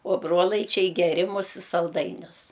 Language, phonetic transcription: Lithuanian, o ˈbrolaičiai geˈrimus i salˈdainius

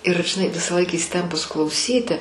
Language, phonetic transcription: Lithuanian, ir žiˈnai visąˈlaik įsiˈtempus klauˈsyti

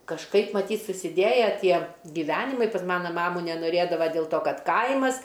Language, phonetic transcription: Lithuanian, kažˈkaip maˈtyt' susiˈdėja ˈtie giˈvenimai ˈkad ˈmana ˈmamu nenoˈrėdava dėl ˈto ˈkad ˈkaimas

